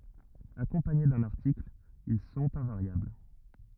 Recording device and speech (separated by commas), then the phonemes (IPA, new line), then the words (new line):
rigid in-ear microphone, read sentence
akɔ̃paɲe dœ̃n aʁtikl il sɔ̃t ɛ̃vaʁjabl
Accompagnés d'un article, ils sont invariables.